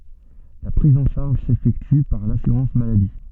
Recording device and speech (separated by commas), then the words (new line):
soft in-ear microphone, read sentence
La prise en charge s'effectue par l'assurance-maladie.